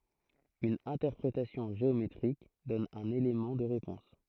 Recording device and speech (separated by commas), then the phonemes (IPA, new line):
throat microphone, read sentence
yn ɛ̃tɛʁpʁetasjɔ̃ ʒeometʁik dɔn œ̃n elemɑ̃ də ʁepɔ̃s